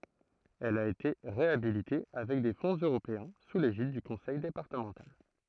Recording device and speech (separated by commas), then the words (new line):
throat microphone, read sentence
Elle a été réhabilitée avec des fonds européens sous l'égide du conseil départemental.